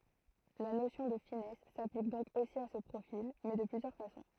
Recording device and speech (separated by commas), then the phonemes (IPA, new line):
throat microphone, read sentence
la nosjɔ̃ də finɛs saplik dɔ̃k osi a sə pʁofil mɛ də plyzjœʁ fasɔ̃